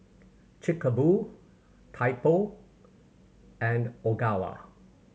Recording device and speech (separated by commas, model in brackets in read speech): mobile phone (Samsung C7100), read sentence